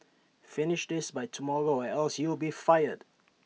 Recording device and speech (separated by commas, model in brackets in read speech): mobile phone (iPhone 6), read sentence